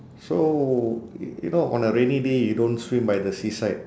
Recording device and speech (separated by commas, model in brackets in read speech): standing microphone, conversation in separate rooms